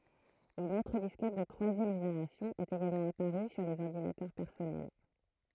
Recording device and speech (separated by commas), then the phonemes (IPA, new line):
throat microphone, read sentence
yn otʁ diskɛt də tʁwazjɛm ʒeneʁasjɔ̃ ɛt eɡalmɑ̃ apaʁy syʁ lez ɔʁdinatœʁ pɛʁsɔnɛl